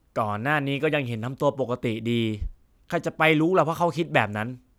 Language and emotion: Thai, frustrated